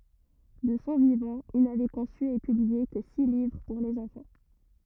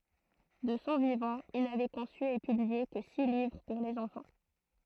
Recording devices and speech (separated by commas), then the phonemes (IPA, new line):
rigid in-ear microphone, throat microphone, read sentence
də sɔ̃ vivɑ̃ il navɛ kɔ̃sy e pyblie kə si livʁ puʁ lez ɑ̃fɑ̃